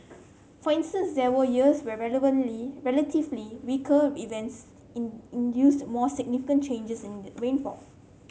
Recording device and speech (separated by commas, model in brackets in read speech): mobile phone (Samsung C7), read sentence